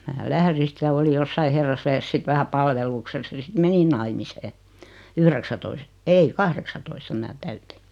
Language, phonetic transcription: Finnish, 'mä "lähri sⁱt ja 'oli jossai 'herrasvä₍es sit 'vähä 'palvelukses (ja) sit 'menin naimisee , "yhreksätois- , 'ei "kahreksatoista 'mⁱnä 'täyti .
- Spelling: minä lähdin sitten ja olin jossakin herrasväessä sitten vähän palveluksessa ja sitten menin naimisiin yhdeksäntoista ei kahdeksantoista minä täytin

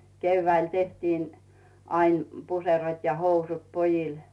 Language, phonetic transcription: Finnish, 'keyvväil tehtiin , ain , -m 'puserot ja 'housut "pojil .
- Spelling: keväällä tehtiin aina - puserot ja housut pojille

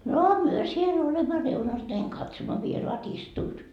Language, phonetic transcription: Finnish, noo 'myö siel olemma 'reunas näiŋ katsomma "vieroat "istuut .
- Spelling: no me siellä olemme reunassa näin katsomme vieraat istuvat

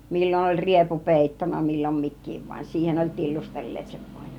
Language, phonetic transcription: Finnish, 'mil͕l͕on oĺ "riepu 'pèittona , millom 'mik̆kiiv van , 'siihen oĺ 'tillustel̀leet sev 'vOIN .
- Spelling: milloin oli riepu peittona milloin mikin vaan siihen oli tillustelleet sen voin

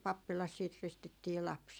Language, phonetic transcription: Finnish, 'pappilas siit 'ristittii "laps .
- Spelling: pappilassa sitten ristittiin lapsi

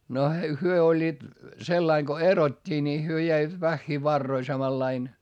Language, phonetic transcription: Finnish, no hyö oĺĺiit , sellaiŋ Go erot́t́ii ni hyö jäivät väχχii varroi samallain .
- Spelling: no he olivat sillä lailla kun erottiin niin he jäivät vähiin varoihin samalla lailla

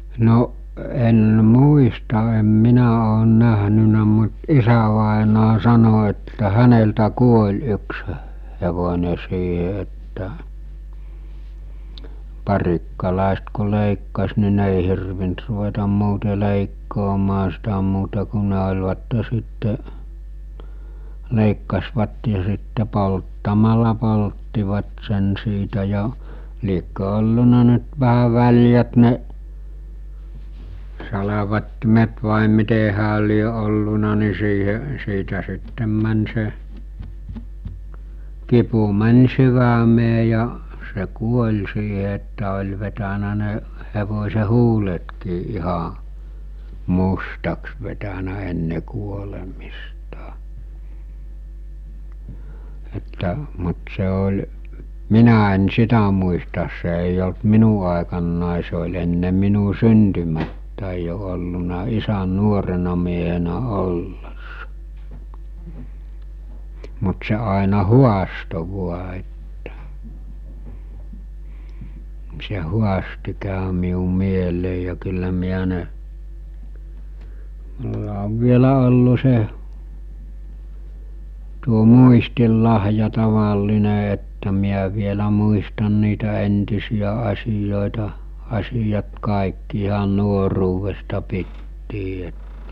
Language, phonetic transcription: Finnish, no’ , en 'muista em 'minä oon näɦnynä mut 'isävàenaa 'sano että 'häneltä 'kuoĺ yksə , hevone siihe että , 'parikkalàest ku lèikkas ni 'ne èi hirvint ruvetam 'muute 'lèikkoomaa sitä muuta ku ne oĺvatte sitte , 'lèikkasvat ja sitte 'polttamala 'polttivat sen siitä ja , liekkö 'olluna nyt vähä 'väl̜jät ne , 'salavattimet vàe 'mite hääl̆ lie olluna ni siihe , 'siitä sittem män se , 'kipu män̜ 'syvämee ja , se 'kuoĺ siiɦe että oĺ vetänä ne , hevos̜e 'huuletkii ˀiha , 'mustaks vetänä enne kuolemistᴀ , että , mut se ol̜ , "minä en "sitä muistas se èij ‿olt "minu àekannàe se oĺ enne 'minu "syntymättä̀i jo olluna 'isän̆ 'nuorena miehenä 'ollessa , mut se àena "huasto 'vua että , ni se 'huasti kä̀ö miu 'mielèi ja kyllä miä ne , mul(la) ov 'vielä ollu se , tuo 'muistil'lahja 'taval'line että miä vielä muistan niitä 'entisijä 'asijòeta , asijat 'kàikki ihan 'nuoruuvesta 'pittii et ,.
- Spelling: no en muista en minä olen nähnyt mutta isävainaja sanoi että häneltä kuoli yksi hevonen siihen että parikkalaiset kun leikkasi niin ne ei hirvinnyt ruveta muuten leikkaamaan sitä muuta kuin ne olivat sitten leikkasivat ja sitten polttamalla polttivat sen siitä ja liekö ollut nyt vähän väljät ne salvattimet vai miten hänellä lie ollut niin siihen siitä sitten meni se kipu meni sydämeen ja se kuoli siihen että oli vetänyt ne hevosen huuletkin ihan mustaksi vetänyt ennen kuolemista että mutta se oli minä en sitä muista se ei ollut minun aikanani se oli ennen minun syntymääni jo ollut isän nuorena miehenä ollessa mutta se aina haastoi vain että niin se haasti kävi minun mieleeni ja kyllä minä ne minulla on vielä ollut se tuo muistinlahja tavallinen että minä vielä muistan niitä entisiä asioita asiat kaikki ihan nuoruudesta pitäen että

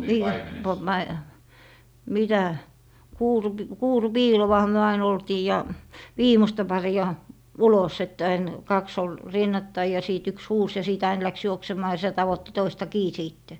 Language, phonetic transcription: Finnish, 'nii , po - pai- , 'mitä , 'kuurup- , "kuuru'piilowaha myö 'ain ‿oltii ja , "viimosta 'pari₍a , "ulos että ain , 'kaks ‿ol , "rinnattai ja 'siit 'yks "huus ja 'sìt ain 'läks 'juoksemaa ja sⁱtä tavotti 'toista "kii "siitte .
- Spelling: niin - - mitä - kuurupiiloahan me aina oltiin ja viimeistä paria ulos että aina kaksi oli rinnattain ja siitä yksi huusi ja sitten aina lähti juoksemaan ja sitä tavoitti toista kiinni sitten

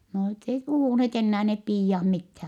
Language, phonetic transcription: Finnish, no net ‿ei puhùnheet ennää nep piijah mithään .
- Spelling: no ne ei puhuneet enää ne piiat mitään

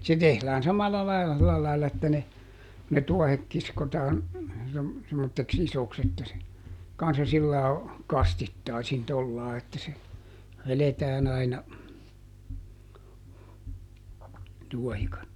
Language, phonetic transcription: Finnish, ˈse tehlään "samalla ˈlaila , ˈsilä laila että ne , ne ˈtuɔhek ˈkiskotaan , sem- , semmotteks "isoks että se , ˈkanssa sillaa , "kastittaisin ˈtollaa että se , ˈveletään ‿aina , ˈtuɔhikat(to) .
- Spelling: se tehdään samalla lailla sillä lailla että ne ne tuohet kiskotaan - semmoiseksi isoksi että se kanssa sillä lailla kastittaisin tuolla lailla että se vedetään aina tuohikatto

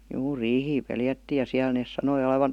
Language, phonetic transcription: Finnish, 'juu "riihii "peljättiij ja 'siäl nès 'sanoi olevan̬ ,.
- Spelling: juu riihiä pelättiin ja siellä ne sanoi olevan

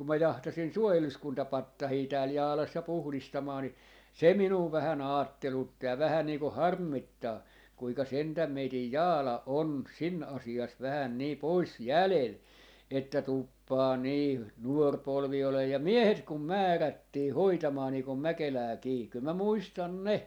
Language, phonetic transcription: Finnish, 'kum mä 'jahtasin "suojeluskuntapattahii 'tääl 'Jaalas 'ja "puhlista-maa ni , "se 'minuu vähän "aattelutti ja 'vähän niiku "harmmit-taa , kuika 'sentäm meitij "Jaala "on , "sin 'asi₍as vähä nii "pois "jälel , että 'tùppaa 'nii , 'nuor 'polvi olee ja "miehet kum "määrättii 'hoitamaa nii kom "Mäkelääkii , kyl mä "muistan "ne .
- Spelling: kun minä jahtasin suojeluskuntapatsaita täällä Jaalassa ja puhdistamaan niin se minua vähän ajattelutti ja vähän niin kuin harmittaa kuinka sentään meidän Jaala on siinä asiassa vähän niin pois jäljellä että tuppaa niin nuori polvi olemaan ja miehet kun määrättiin hoitamaan niin kuin Mäkelääkin kyllä minä muistan ne

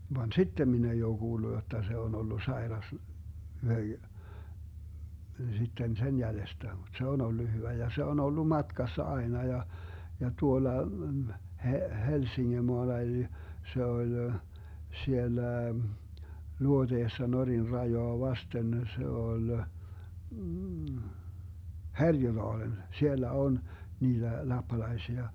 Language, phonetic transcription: Finnish, van "sittem 'min ‿ei oo 'Guullu jotta 'se on 'ollu 'saeras , 'sitten "sen 'jälestä mut 'se on 'ollu 'hyvä ja se on 'ollu "matkassa 'aena ja , ja 'tuola , He - 'Helsiŋŋemoala eli , 'se oĺ , 'siellä , 'luoteessa 'Norin 'rajoa "vasten , 'se 'ol , "Härjödaalen , 'siellä 'on , 'niiDä 'lappalaisia .
- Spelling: vaan sitten minä ei ole kuullut jotta se on ollut sairas sitten sen jäljestä mutta se on ollut hyvä ja se on ollut matkassa aina ja ja tuolla - Helsingemaalla eli se oli siellä luoteessa Norjan rajaa vasten se oli Härjödaalen siellä on niitä lappalaisia

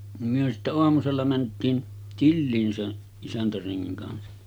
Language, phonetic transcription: Finnish, nim myö sittä 'oamusella mänt̆tiin , "tilliin sen , 'isäntäreŋŋiŋ kansa .
- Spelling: niin me sitten aamusella mentiin tiliin sen isäntärengin kanssa

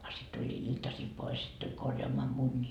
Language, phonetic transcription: Finnish, a sit tuĺĺii 'iltasil 'pois , sit tuĺ 'korjoamoa "munnii .
- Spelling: a sitten tuli iltasilla pois sitten tuli korjaamaan munia

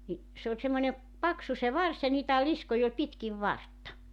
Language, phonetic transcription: Finnish, ni , 'se oĺ semmońe , 'paksu se 'vars ja niitä 'liskoj ‿oĺ 'pitkiv "vartta .
- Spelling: niin se oli semmoinen paksu se varsi ja niitä liskoja oli pitkin vartta

